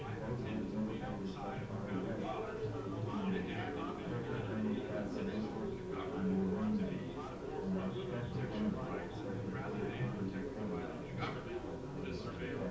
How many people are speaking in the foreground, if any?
No one.